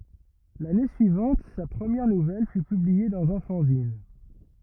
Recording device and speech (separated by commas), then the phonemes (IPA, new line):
rigid in-ear microphone, read sentence
lane syivɑ̃t sa pʁəmjɛʁ nuvɛl fy pyblie dɑ̃z œ̃ fɑ̃zin